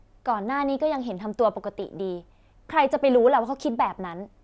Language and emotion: Thai, frustrated